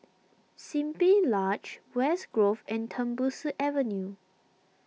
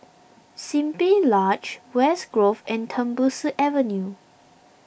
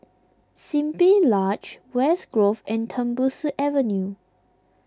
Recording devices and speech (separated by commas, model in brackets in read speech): mobile phone (iPhone 6), boundary microphone (BM630), close-talking microphone (WH20), read sentence